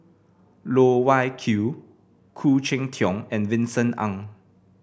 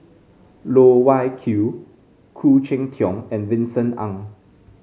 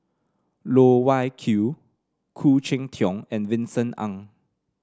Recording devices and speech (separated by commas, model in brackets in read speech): boundary microphone (BM630), mobile phone (Samsung C5), standing microphone (AKG C214), read sentence